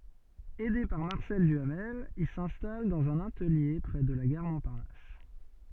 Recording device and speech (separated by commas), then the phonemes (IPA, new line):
soft in-ear microphone, read sentence
ɛde paʁ maʁsɛl dyamɛl il sɛ̃stal dɑ̃z œ̃n atəlje pʁɛ də la ɡaʁ mɔ̃paʁnas